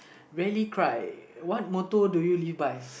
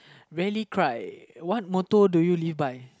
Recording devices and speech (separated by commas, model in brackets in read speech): boundary microphone, close-talking microphone, conversation in the same room